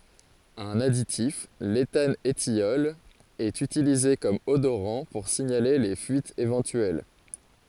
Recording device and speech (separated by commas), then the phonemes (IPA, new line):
forehead accelerometer, read sentence
œ̃n aditif letanətjɔl ɛt ytilize kɔm odoʁɑ̃ puʁ siɲale le fyitz evɑ̃tyɛl